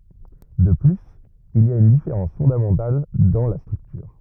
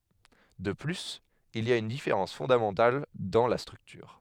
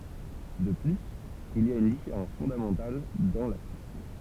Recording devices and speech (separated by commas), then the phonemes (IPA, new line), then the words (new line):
rigid in-ear microphone, headset microphone, temple vibration pickup, read sentence
də plyz il i a yn difeʁɑ̃s fɔ̃damɑ̃tal dɑ̃ la stʁyktyʁ
De plus, il y a une différence fondamentale dans la structure.